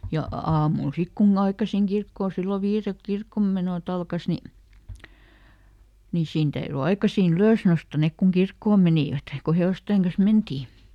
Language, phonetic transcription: Finnish, ja "aamul ˈsik kun"n ‿aikasiŋ ˈkirkkoo sillo ˈviirelk "kirkkommenòˈt ‿alkas ni , ni ˈsiin täyry "aikasii"n ‿ylös nosta ˈnek kuŋ "kirkkoom menìvät , ko ˈhe₍òstèŋ kan̬s "mentii .
- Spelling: ja aamulla sitten kun aikaisin kirkkoon silloin viideltä kirkonmenot alkoi niin niin siinä täytyi aikaisin ylös nousta ne kun kirkkoon menivät kun hevosten kanssa mentiin

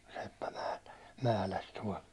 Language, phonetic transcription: Finnish, seppä mäh- , 'mähläs tuål .
- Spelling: seppä - mähläsi tuolla

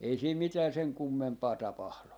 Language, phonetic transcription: Finnish, ei siim mitää seŋ "kummempaa 'tapahlu .
- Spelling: ei siinä mitään sen kummempaa tapahdu

